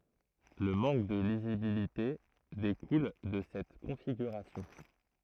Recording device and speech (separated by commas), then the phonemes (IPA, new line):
throat microphone, read sentence
lə mɑ̃k də lizibilite dekul də sɛt kɔ̃fiɡyʁasjɔ̃